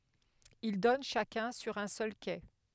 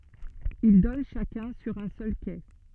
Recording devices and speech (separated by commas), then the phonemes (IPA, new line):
headset microphone, soft in-ear microphone, read sentence
il dɔn ʃakœ̃ syʁ œ̃ sœl ke